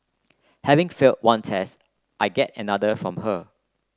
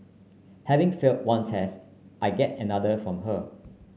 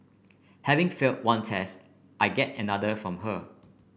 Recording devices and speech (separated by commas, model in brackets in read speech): close-talking microphone (WH30), mobile phone (Samsung C9), boundary microphone (BM630), read sentence